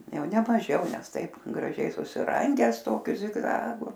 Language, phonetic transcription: Lithuanian, ˈjau ne maˈžiau ˈnes ˈtaip graˈžiai susiˈrangęs ˈtokiu zigˈzagu

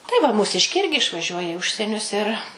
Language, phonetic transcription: Lithuanian, tai va mūˈsiškiai ˈirgi išvaˈžiuoja i ˈužsienius ir

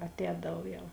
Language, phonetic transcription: Lithuanian, atˈēdav ˈjau

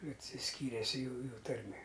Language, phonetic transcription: Lithuanian, atsiˈskyrės ˈjųju ˈtarmė

